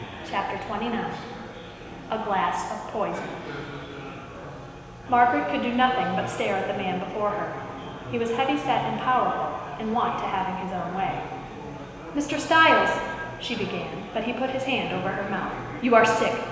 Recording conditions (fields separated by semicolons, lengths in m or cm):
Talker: one person; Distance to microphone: 1.7 m; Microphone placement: close; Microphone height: 1.0 m; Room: very reverberant, large; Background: babble